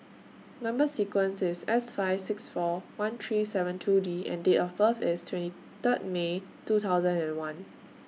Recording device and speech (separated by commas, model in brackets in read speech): mobile phone (iPhone 6), read sentence